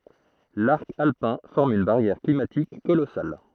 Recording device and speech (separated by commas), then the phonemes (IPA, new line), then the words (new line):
throat microphone, read sentence
laʁk alpɛ̃ fɔʁm yn baʁjɛʁ klimatik kolɔsal
L'arc alpin forme une barrière climatique colossale.